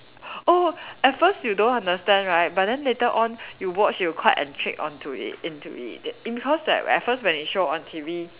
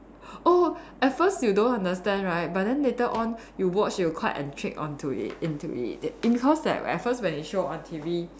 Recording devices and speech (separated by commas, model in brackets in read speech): telephone, standing microphone, conversation in separate rooms